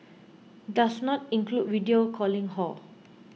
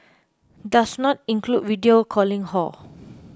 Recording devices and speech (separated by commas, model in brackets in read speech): mobile phone (iPhone 6), close-talking microphone (WH20), read sentence